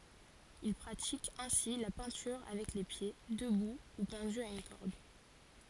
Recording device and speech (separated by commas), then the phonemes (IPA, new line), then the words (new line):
forehead accelerometer, read sentence
il pʁatik ɛ̃si la pɛ̃tyʁ avɛk le pje dəbu u pɑ̃dy a yn kɔʁd
Il pratique ainsi la peinture avec les pieds, debout ou pendu à une corde.